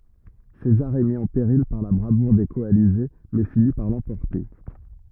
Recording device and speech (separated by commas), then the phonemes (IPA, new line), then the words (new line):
rigid in-ear microphone, read sentence
sezaʁ ɛ mi ɑ̃ peʁil paʁ la bʁavuʁ de kɔalize mɛ fini paʁ lɑ̃pɔʁte
César est mis en péril par la bravoure des coalisés, mais finit par l'emporter.